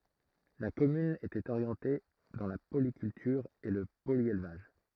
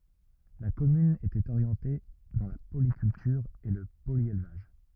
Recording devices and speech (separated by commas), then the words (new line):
throat microphone, rigid in-ear microphone, read sentence
La commune était orientée dans la polyculture et le polyélevage.